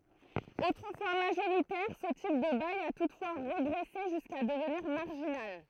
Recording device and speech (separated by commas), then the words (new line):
throat microphone, read sentence
Autrefois majoritaire, ce type de bail a toutefois régressé jusqu'à devenir marginal.